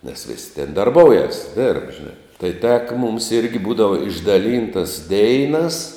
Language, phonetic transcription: Lithuanian, nes vis' ten darˈboujas dėrb ˈžinā tai ˈteka mums ˈirgi ˈbūdava išdaˈlyntas ˈdeinas

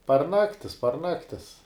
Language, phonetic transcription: Lithuanian, par ˈnaktis par ˈnaktis

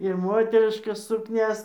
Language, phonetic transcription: Lithuanian, ir ˈmoteriškas sukˈnias

